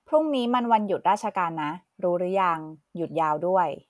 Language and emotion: Thai, neutral